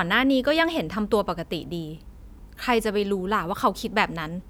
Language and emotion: Thai, frustrated